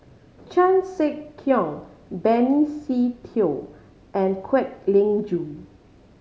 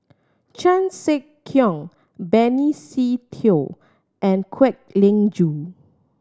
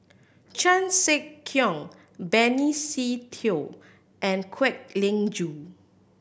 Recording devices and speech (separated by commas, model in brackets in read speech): mobile phone (Samsung C5010), standing microphone (AKG C214), boundary microphone (BM630), read sentence